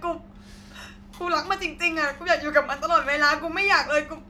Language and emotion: Thai, sad